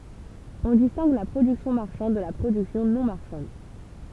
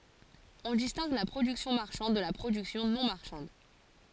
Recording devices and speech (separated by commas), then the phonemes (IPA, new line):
temple vibration pickup, forehead accelerometer, read sentence
ɔ̃ distɛ̃ɡ la pʁodyksjɔ̃ maʁʃɑ̃d də la pʁodyksjɔ̃ nɔ̃ maʁʃɑ̃d